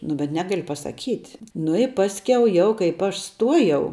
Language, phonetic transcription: Lithuanian, nu bet ˈnegali pasaˈkyt' nu i ˈpaskiau ˈjau kaip ˈaš ˈstuojau

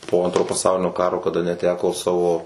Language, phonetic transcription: Lithuanian, po ˈantro paˈsaulinio ˈkaro kaˈda neˈteko ˈsavo

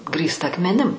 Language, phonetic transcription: Lithuanian, ˈgrįsta akmeˈnim

